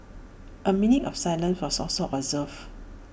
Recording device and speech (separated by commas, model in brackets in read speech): boundary microphone (BM630), read sentence